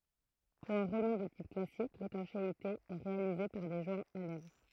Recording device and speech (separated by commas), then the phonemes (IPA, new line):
throat microphone, read sentence
puʁ œ̃ ʁulmɑ̃ də tip klasik letɑ̃ʃeite ɛ ʁealize paʁ de ʒwɛ̃z a lɛvʁ